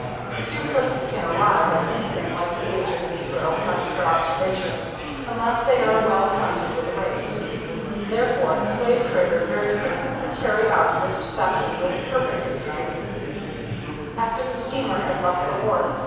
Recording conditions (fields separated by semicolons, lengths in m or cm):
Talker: one person; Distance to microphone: 7.1 m; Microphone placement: far; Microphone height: 1.7 m; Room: very reverberant, large; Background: babble